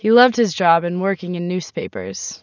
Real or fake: real